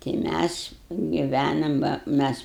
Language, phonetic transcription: Lithuanian, tai ˈmæs giˈvænam ba ˈmæs

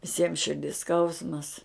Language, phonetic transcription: Lithuanian, viˈsiem širˈdis ˈskausmas

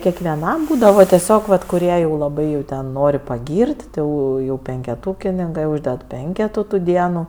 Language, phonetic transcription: Lithuanian, kekveˈnam ˈbūdava teˈsiog vat kuˈrie jau laˈbai jau ˈten ˈnori paˈgyr't' ˈti ˈjau jau penkeˈtūkininkɜ ˈūžded ˈpenketų tų ˈdienų

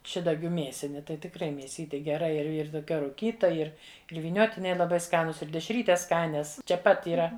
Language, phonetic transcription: Lithuanian, ˈšidagiu ˈmėsini tai tikˈrai mėˈsyti geˈra ir ir toˈkia ruˈkyta ˈir ir vyˈniotiniai laˈbai ˈskanus ir dešˈrytes ˈskanias čia ˈpat yˈra

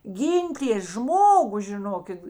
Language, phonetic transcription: Lithuanian, ˈgyntės ˈžmogu žiˈnokit

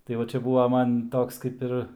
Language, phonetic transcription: Lithuanian, tai ˈva ˈčia ˈbuva ˈman ˈtoks kaip ˈir

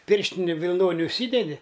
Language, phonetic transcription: Lithuanian, ˈpirštini vilˈnoni užˈsydedi

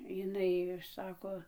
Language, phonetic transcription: Lithuanian, jiˈnai ˈsako

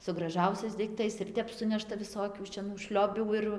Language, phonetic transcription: Lithuanian, su graˈžausiais daikˈtais ir ˈtep ˈsunešta viˈsokių šeˈnų ˈšliobių ir

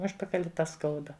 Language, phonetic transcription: Lithuanian, ˈužpakali ta ˈskauda

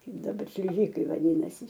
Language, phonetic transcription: Lithuanian, ˈkaip daˈbar šliˈžikai vaˈdynasi

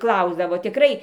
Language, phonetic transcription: Lithuanian, ˈklausdavo tiˈkrai

